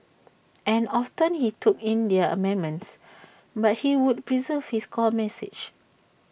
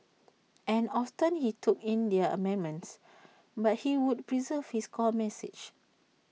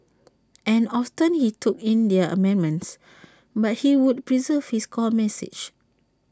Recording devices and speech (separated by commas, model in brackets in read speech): boundary microphone (BM630), mobile phone (iPhone 6), standing microphone (AKG C214), read sentence